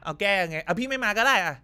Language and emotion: Thai, frustrated